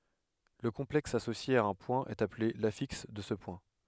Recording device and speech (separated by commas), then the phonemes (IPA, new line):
headset microphone, read sentence
lə kɔ̃plɛks asosje a œ̃ pwɛ̃ ɛt aple lafiks də sə pwɛ̃